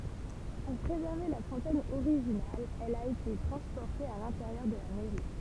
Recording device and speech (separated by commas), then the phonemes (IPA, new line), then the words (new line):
temple vibration pickup, read sentence
puʁ pʁezɛʁve la fɔ̃tɛn oʁiʒinal ɛl a ete tʁɑ̃spɔʁte a lɛ̃teʁjœʁ də la mɛʁi
Pour préserver la fontaine originale, elle a été transportée à l'intérieur de la mairie.